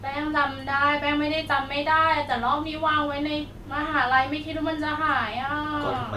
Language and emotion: Thai, sad